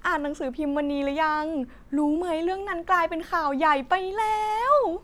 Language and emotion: Thai, happy